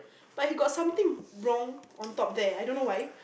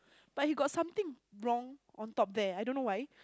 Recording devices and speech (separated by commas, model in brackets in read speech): boundary microphone, close-talking microphone, conversation in the same room